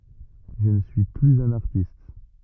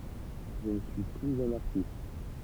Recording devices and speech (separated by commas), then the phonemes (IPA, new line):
rigid in-ear microphone, temple vibration pickup, read sentence
ʒə nə syi plyz œ̃n aʁtist